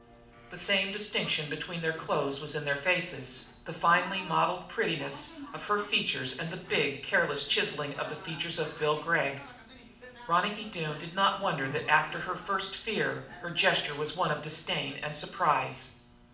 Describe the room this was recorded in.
A medium-sized room.